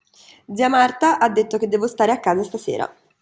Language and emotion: Italian, neutral